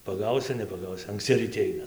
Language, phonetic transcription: Lithuanian, paˈgausiu nepaˈgausiu ankˈsci ryˈti ˈaina

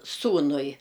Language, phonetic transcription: Lithuanian, ˈsūnui

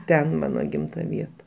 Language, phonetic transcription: Lithuanian, ˈten ˈmano ˈgimta ˈvieta

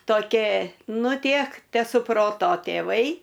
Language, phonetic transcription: Lithuanian, toˈkė ˈnu ˈtiek tesuˈproto tėˈvai

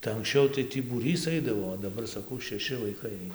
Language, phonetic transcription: Lithuanian, tai anksˈčiau tai ˈtį būˈrys ˈaidavo o daˈbar saˈkau šeˈši vaiˈkai ˈaina

